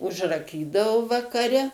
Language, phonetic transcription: Lithuanian, užraˈkydavu vakaˈre

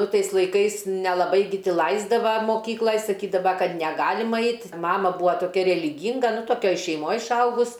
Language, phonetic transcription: Lithuanian, ˈnu ˈtais laiˈkais nelaˈbai gi ˈti ˈlaisdava moˈkyklaj saˈkydava ˈkad neˈgalima ˈait ˈmama ˈbua toˈkia reliˈgynga nu toˈkioj šeiˈmoj išˈaugus

